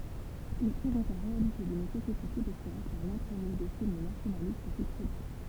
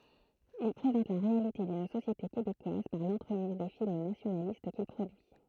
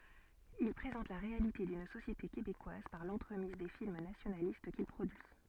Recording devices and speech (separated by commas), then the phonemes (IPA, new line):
temple vibration pickup, throat microphone, soft in-ear microphone, read sentence
il pʁezɑ̃t la ʁealite dyn sosjete kebekwaz paʁ lɑ̃tʁəmiz de film nasjonalist kil pʁodyi